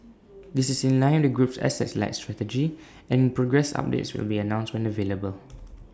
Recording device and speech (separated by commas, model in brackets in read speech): standing microphone (AKG C214), read sentence